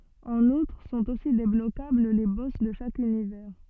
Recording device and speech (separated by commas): soft in-ear microphone, read sentence